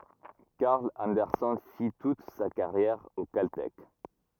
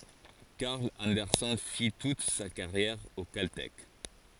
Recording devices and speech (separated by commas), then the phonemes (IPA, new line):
rigid in-ear microphone, forehead accelerometer, read sentence
kaʁl ɑ̃dɛʁsɛn fi tut sa kaʁjɛʁ o kaltɛk